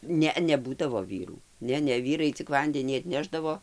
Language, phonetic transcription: Lithuanian, ˈne neˈbūdavo ˈvyrų ˈne ˈne ˈvyrai cik ˈvandenį atˈnešdavo

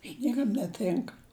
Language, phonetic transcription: Lithuanian, i ˈniekam neˈtinka

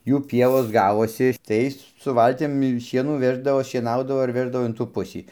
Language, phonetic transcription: Lithuanian, ˈjų ˈpievos ˈgavosi ˈtais su ˈvaltim ˈšienų ˈveždavo šieˈnaudavo ar ˈveždavo in tų ˈpusį

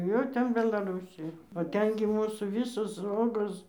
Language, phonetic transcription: Lithuanian, ˈjau ˈten belaˈrusija o ˈten gi ˈmūsų ˈvisos ˈogos

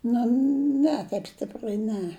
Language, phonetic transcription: Lithuanian, ˈnu ˈne taip ˈstiprai ˈne

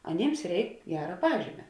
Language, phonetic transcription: Lithuanian, aˈnėms ˈreik ˈgera ˈpažymia

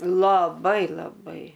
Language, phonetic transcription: Lithuanian, laˈbai laˈbai

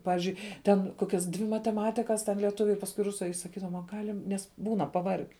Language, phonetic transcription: Lithuanian, ˈpavizdžiui ten ˈkokias dvi mateˈmatikas ten lieˈtuviu ir pasˈkui ˈrusu a i saˈkydavom a ˈgalim ˈnes ˈbūna paˈvarge

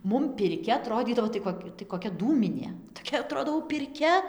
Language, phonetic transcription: Lithuanian, ˈmum pirˈkia aˈtrodydavo tai ˈkok' tai koˈkia ˈdūminė toˈkia aˈtrodo jau pirˈkia

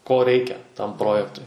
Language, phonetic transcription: Lithuanian, ko ˈreikia tam ˈprojektui

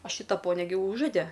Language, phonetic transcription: Lithuanian, o ˈšyta ˈponia gi ˈūžode

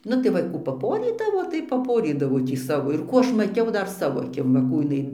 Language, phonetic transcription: Lithuanian, ˈnu tai ˈva ˈkų paˈporydavo tai paˈporydavo tį ˈsavo ir ˈkų ˈaš maˈtiau ˈdar ˈsavo aˈkim va ˈkų jiˈnai

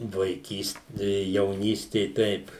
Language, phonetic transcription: Lithuanian, vaiˈkyst jauˈnystė ˈteip

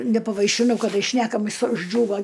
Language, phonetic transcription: Lithuanian, nepavaišiˈnau kaˈdai ˈšnekamis užˈdžiūva

